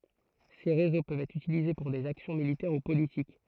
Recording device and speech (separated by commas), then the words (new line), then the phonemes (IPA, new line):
throat microphone, read sentence
Ces réseaux peuvent être utilisés pour des actions militaires ou politiques.
se ʁezo pøvt ɛtʁ ytilize puʁ dez aksjɔ̃ militɛʁ u politik